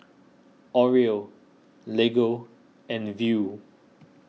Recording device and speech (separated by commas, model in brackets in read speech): mobile phone (iPhone 6), read sentence